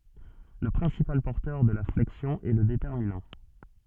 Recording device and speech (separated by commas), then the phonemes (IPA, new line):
soft in-ear microphone, read sentence
lə pʁɛ̃sipal pɔʁtœʁ də la flɛksjɔ̃ ɛ lə detɛʁminɑ̃